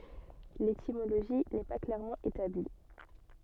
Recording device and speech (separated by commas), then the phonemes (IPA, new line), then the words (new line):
soft in-ear microphone, read sentence
letimoloʒi nɛ pa klɛʁmɑ̃ etabli
L'étymologie n'est pas clairement établie.